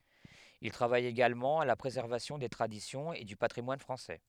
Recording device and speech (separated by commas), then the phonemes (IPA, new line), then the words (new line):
headset microphone, read sentence
il tʁavaj eɡalmɑ̃ a la pʁezɛʁvasjɔ̃ de tʁadisjɔ̃z e dy patʁimwan fʁɑ̃sɛ
Il travaille également à la préservation des traditions et du patrimoine français.